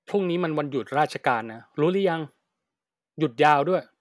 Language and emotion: Thai, neutral